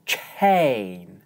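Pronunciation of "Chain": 'Chain' is said in an exaggerated way, with a strong breath of air at the start of the vowel, right after the ch.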